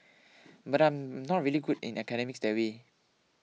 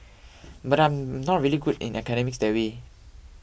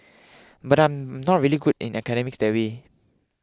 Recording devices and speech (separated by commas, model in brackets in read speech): mobile phone (iPhone 6), boundary microphone (BM630), close-talking microphone (WH20), read sentence